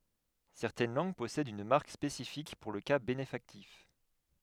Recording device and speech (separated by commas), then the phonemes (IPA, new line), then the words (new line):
headset microphone, read sentence
sɛʁtɛn lɑ̃ɡ pɔsɛdt yn maʁk spesifik puʁ lə ka benefaktif
Certaines langues possèdent une marque spécifique pour le cas bénéfactif.